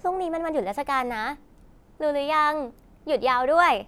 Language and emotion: Thai, happy